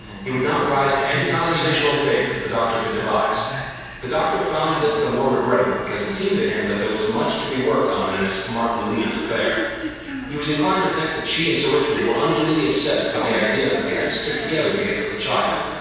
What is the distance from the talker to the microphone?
7.1 m.